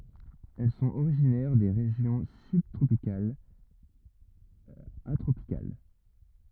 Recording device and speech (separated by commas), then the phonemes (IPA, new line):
rigid in-ear microphone, read sentence
ɛl sɔ̃t oʁiʒinɛʁ de ʁeʒjɔ̃ sybtʁopikalz a tʁopikal